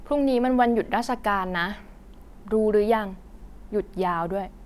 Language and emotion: Thai, neutral